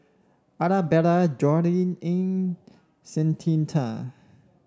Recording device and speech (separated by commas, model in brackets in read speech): standing microphone (AKG C214), read sentence